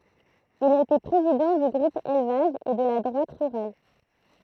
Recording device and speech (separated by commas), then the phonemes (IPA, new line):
throat microphone, read sentence
il a ete pʁezidɑ̃ dy ɡʁup elvaʒ e də la dʁwat ʁyʁal